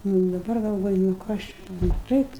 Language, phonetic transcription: Lithuanian, ˈnu i daˈbar galˈvoju nu ˈkas čia nu ˈtaip

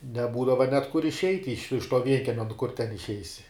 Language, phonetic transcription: Lithuanian, neˈbūdava net kur išˈeit' iš iš to ˈvienkiemia nu kur ten išˈeisi

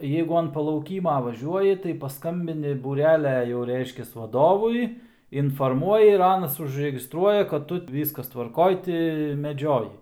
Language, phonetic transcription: Lithuanian, ˈjeigu an palauˈkyma vaˈžiuoji tai paˈskambini buˈrelia jau ˈreiškias vaˈdovui inforˈmuoji ir ˈanas užregistˈruoja kad ˈtu ˈvyskas tvarˈkoj ti meˈdžioji

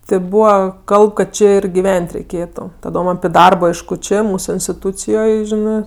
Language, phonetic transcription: Lithuanian, te ˈbūva ˈkalb kad ˈči ir giˈven't' reiˈkėtu taˈdom api ˈdarbo ˈaišku ˈčė ˈmūsu instiˈtūcijoj ˈžinɜ

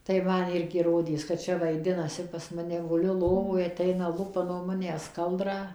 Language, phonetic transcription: Lithuanian, tai ˈman ˈirgi ˈrodės kad ˈčia vaiˈdinasi pas ˈmane guˈliu ˈlovoj aˈteina ˈlupa nuo ˈmanęs ˈkaldrą

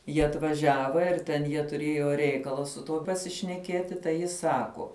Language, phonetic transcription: Lithuanian, ˈjie atvaˈžiava ir ten ˈjie tuˈrėjo ˈreikala su ˈtuo pasišneˈkieti tai ˈji ˈsako

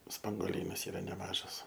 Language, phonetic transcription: Lithuanian, spangoˈlynas ˈyra neˈmažas

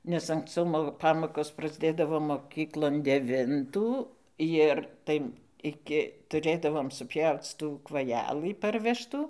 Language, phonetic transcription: Lithuanian, nes anksˈcau mo ˈpamokos prasˈdėdavo moˈkyklon deˈvintų ˈjir ˈtai ˈiki tuˈrėdavom suˈpjauc ˈtų kvaˈjelɨ ˈparvežtų

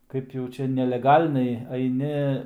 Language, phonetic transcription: Lithuanian, kaip jau ˈčia neleˈgalniai aiˈni

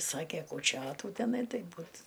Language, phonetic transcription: Lithuanian, ˈsake kūˈčiotų teˈnai ˈtai ˈbūt

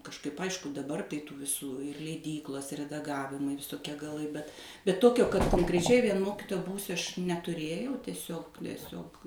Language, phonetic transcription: Lithuanian, kažˈkaip ˈaišku daˈbar tai ˈtų viˈsų leiˈdyklos redaˈgavimai visoˈkie gaˈlai bet bet ˈtokio kad konkreˈčiai vien ˈmokitoja ˈbūsiu aš netuˈrėjau teˈsiog teˈsiog

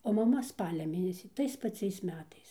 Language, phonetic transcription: Lithuanian, o maˈma ˈspalia ˈmėnesį ˈtais paˈciais ˈmetais

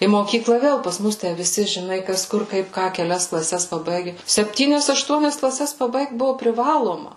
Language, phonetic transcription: Lithuanian, į moˈkyklą ˈvėl pas ˈmus ˈtæ viˈsi žiˈnai ˈkas ˈkur ˈkaip ˈką keˈlias klaˈses paˈbaige sepˈtynias ašˈtuonias klaˈses paˈbaigt ˈbuvo priˈvaloma

